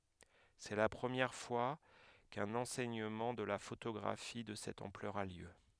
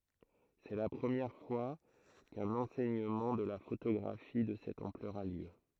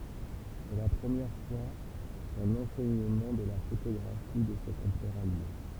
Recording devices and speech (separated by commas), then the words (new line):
headset microphone, throat microphone, temple vibration pickup, read sentence
C’est la première fois qu’un enseignement de la photographie de cette ampleur a lieu.